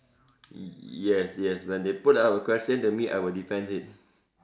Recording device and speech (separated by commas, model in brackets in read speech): standing microphone, conversation in separate rooms